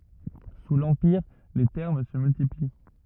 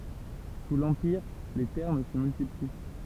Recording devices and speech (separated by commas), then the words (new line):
rigid in-ear microphone, temple vibration pickup, read sentence
Sous l’Empire, les thermes se multiplient.